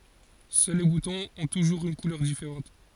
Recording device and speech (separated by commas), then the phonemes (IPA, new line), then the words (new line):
forehead accelerometer, read sentence
sœl le butɔ̃z ɔ̃ tuʒuʁz yn kulœʁ difeʁɑ̃t
Seuls les boutons ont toujours une couleur différente.